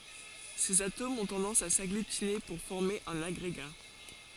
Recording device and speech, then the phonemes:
forehead accelerometer, read sentence
sez atomz ɔ̃ tɑ̃dɑ̃s a saɡlytine puʁ fɔʁme œ̃n aɡʁeɡa

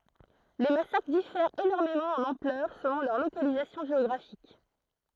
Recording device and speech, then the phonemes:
throat microphone, read sentence
le masakʁ difɛʁt enɔʁmemɑ̃ ɑ̃n ɑ̃plœʁ səlɔ̃ lœʁ lokalizasjɔ̃ ʒeɔɡʁafik

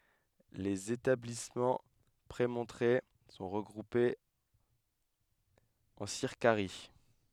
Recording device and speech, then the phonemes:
headset microphone, read sentence
lez etablismɑ̃ pʁemɔ̃tʁe sɔ̃ ʁəɡʁupez ɑ̃ siʁkaʁi

